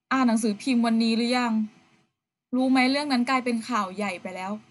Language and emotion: Thai, neutral